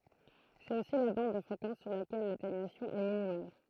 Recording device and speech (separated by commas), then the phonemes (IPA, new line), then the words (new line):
throat microphone, read sentence
sɛt osi la bɑ̃d də fʁekɑ̃s syʁ lakɛl latenyasjɔ̃ ɛ minimal
C'est aussi la bande de fréquence sur laquelle l'atténuation est minimale.